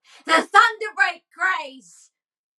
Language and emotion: English, angry